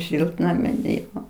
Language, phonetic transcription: Lithuanian, ˈšiltnamin ˈjo

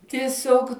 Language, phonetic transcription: Lithuanian, tieˈsiog

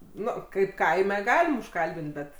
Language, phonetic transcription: Lithuanian, ˈnu ˈkaip ˈkaime ˈgalim užˈkalbint ˈbet

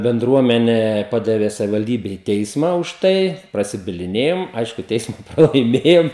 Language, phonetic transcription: Lithuanian, benˈdruomene ˈpadave savivalˈdybe į ˈteisma už ˈtai prasibiliˈnėjom ˈaišku ˈteisma pralaiˈmėjom

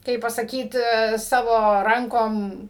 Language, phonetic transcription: Lithuanian, ˈkaip pasaˈkyt ˈsavo ˈrankom

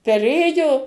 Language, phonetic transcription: Lithuanian, peˈrėjo

